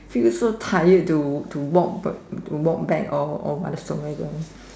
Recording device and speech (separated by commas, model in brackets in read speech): standing microphone, conversation in separate rooms